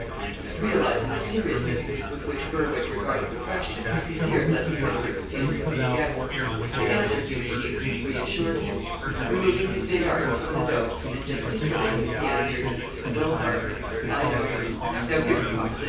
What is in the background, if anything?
Crowd babble.